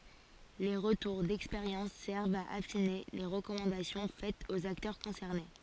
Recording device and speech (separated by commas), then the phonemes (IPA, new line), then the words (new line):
forehead accelerometer, read sentence
le ʁətuʁ dɛkspeʁjɑ̃s sɛʁvt a afine le ʁəkɔmɑ̃dasjɔ̃ fɛtz oz aktœʁ kɔ̃sɛʁne
Les retours d'expérience servent à affiner les recommandations faites aux acteurs concernés.